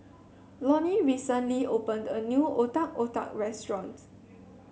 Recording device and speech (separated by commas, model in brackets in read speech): mobile phone (Samsung C7), read sentence